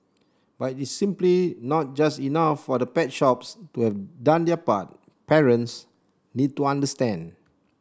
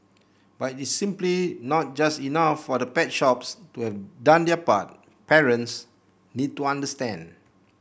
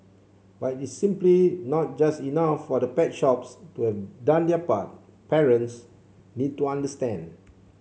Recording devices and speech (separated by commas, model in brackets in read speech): standing microphone (AKG C214), boundary microphone (BM630), mobile phone (Samsung C7), read sentence